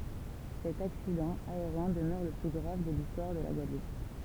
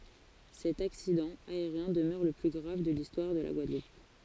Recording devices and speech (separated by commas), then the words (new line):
temple vibration pickup, forehead accelerometer, read sentence
Cet accident aérien demeure le plus grave de l'histoire de la Guadeloupe.